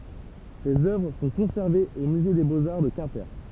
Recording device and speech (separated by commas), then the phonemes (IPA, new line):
temple vibration pickup, read sentence
sez œvʁ sɔ̃ kɔ̃sɛʁvez o myze de boz aʁ də kɛ̃pe